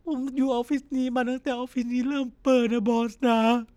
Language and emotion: Thai, sad